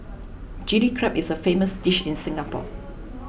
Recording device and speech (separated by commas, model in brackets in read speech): boundary microphone (BM630), read sentence